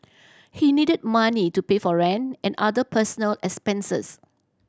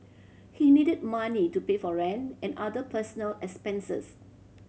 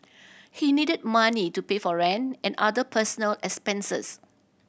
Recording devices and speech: standing microphone (AKG C214), mobile phone (Samsung C7100), boundary microphone (BM630), read sentence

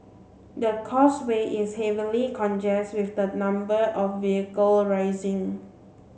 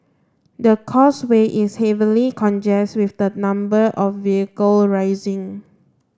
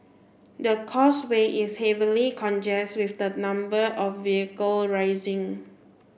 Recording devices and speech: mobile phone (Samsung C7), standing microphone (AKG C214), boundary microphone (BM630), read sentence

